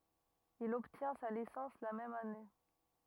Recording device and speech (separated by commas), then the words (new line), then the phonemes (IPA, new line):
rigid in-ear microphone, read sentence
Il obtient sa licence la même année.
il ɔbtjɛ̃ sa lisɑ̃s la mɛm ane